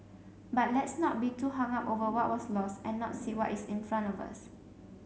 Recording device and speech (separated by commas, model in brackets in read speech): mobile phone (Samsung C7), read sentence